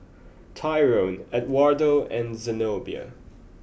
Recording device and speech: boundary microphone (BM630), read sentence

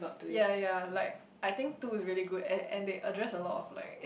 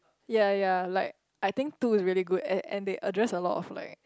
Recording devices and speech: boundary microphone, close-talking microphone, conversation in the same room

